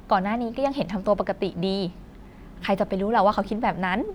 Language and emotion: Thai, happy